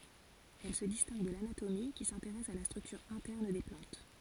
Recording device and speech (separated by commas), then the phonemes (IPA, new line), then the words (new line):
forehead accelerometer, read sentence
ɛl sə distɛ̃ɡ də lanatomi ki sɛ̃teʁɛs a la stʁyktyʁ ɛ̃tɛʁn de plɑ̃t
Elle se distingue de l'anatomie, qui s'intéresse à la structure interne des plantes.